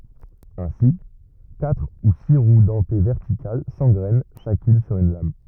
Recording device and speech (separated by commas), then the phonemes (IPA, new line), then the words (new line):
rigid in-ear microphone, read sentence
ɛ̃si katʁ u si ʁw dɑ̃te vɛʁtikal sɑ̃ɡʁɛn ʃakyn syʁ yn lam
Ainsi, quatre ou six roues dentées verticales s'engrènent chacune sur une lame.